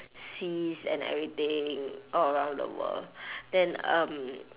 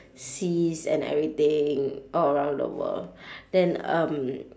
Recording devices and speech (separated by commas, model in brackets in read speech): telephone, standing microphone, conversation in separate rooms